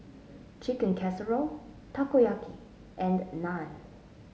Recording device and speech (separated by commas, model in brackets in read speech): mobile phone (Samsung S8), read sentence